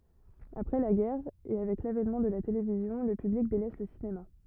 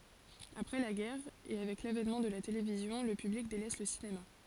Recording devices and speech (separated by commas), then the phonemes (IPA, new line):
rigid in-ear microphone, forehead accelerometer, read sentence
apʁɛ la ɡɛʁ e avɛk lavɛnmɑ̃ də la televizjɔ̃ lə pyblik delɛs lə sinema